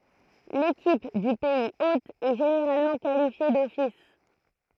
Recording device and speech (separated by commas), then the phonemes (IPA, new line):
throat microphone, read sentence
lekip dy pɛiz ot ɛ ʒeneʁalmɑ̃ kalifje dɔfis